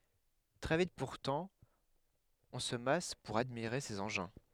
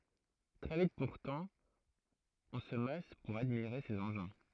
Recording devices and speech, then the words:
headset microphone, throat microphone, read sentence
Très vite pourtant, on se masse pour admirer ces engins.

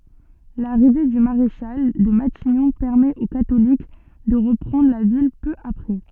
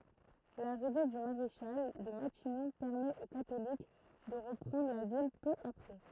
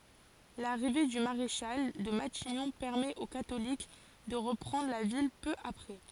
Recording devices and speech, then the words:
soft in-ear microphone, throat microphone, forehead accelerometer, read sentence
L'arrivée du maréchal de Matignon permet aux catholiques de reprendre la ville peu après.

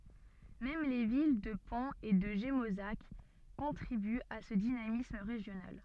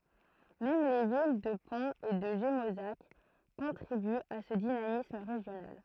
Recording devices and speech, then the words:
soft in-ear microphone, throat microphone, read sentence
Même les villes de Pons et de Gémozac contribuent à ce dynamisme régional.

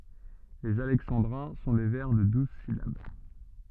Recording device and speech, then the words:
soft in-ear microphone, read sentence
Les alexandrins sont des vers de douze syllabes.

